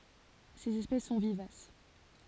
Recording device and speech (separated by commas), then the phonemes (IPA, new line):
forehead accelerometer, read sentence
sez ɛspɛs sɔ̃ vivas